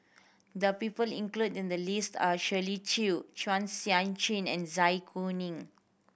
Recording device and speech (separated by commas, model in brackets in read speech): boundary microphone (BM630), read sentence